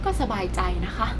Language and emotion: Thai, frustrated